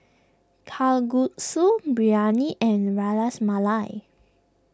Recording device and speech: close-talking microphone (WH20), read sentence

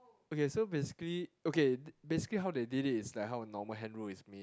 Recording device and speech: close-talking microphone, conversation in the same room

